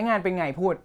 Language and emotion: Thai, frustrated